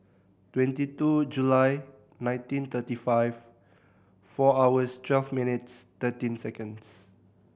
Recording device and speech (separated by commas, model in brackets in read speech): boundary microphone (BM630), read sentence